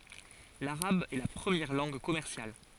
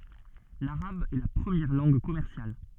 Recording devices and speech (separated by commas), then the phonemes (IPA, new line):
forehead accelerometer, soft in-ear microphone, read sentence
laʁab ɛ la pʁəmjɛʁ lɑ̃ɡ kɔmɛʁsjal